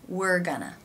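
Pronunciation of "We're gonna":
In 'we're gonna' there is no pause between the words. They melt together almost as if they were one longer word.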